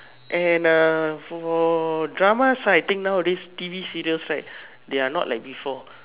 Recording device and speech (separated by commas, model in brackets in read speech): telephone, conversation in separate rooms